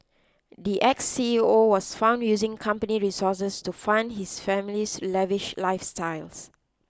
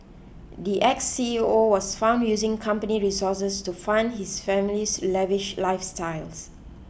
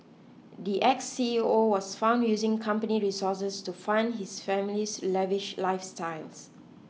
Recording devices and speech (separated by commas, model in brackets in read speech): close-talking microphone (WH20), boundary microphone (BM630), mobile phone (iPhone 6), read sentence